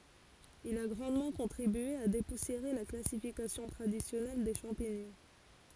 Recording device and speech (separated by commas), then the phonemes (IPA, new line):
forehead accelerometer, read sentence
il a ɡʁɑ̃dmɑ̃ kɔ̃tʁibye a depusjeʁe la klasifikasjɔ̃ tʁadisjɔnɛl de ʃɑ̃piɲɔ̃